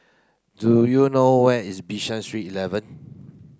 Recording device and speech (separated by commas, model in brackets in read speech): close-talking microphone (WH30), read sentence